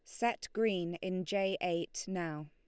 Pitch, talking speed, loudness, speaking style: 185 Hz, 160 wpm, -36 LUFS, Lombard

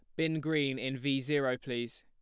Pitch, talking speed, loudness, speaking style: 135 Hz, 200 wpm, -33 LUFS, plain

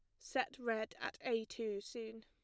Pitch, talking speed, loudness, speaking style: 225 Hz, 175 wpm, -42 LUFS, plain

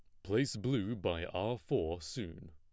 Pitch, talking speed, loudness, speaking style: 100 Hz, 160 wpm, -37 LUFS, plain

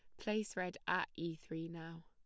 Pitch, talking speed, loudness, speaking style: 165 Hz, 195 wpm, -42 LUFS, plain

